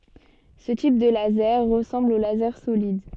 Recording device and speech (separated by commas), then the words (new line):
soft in-ear microphone, read sentence
Ce type de laser ressemble au laser solide.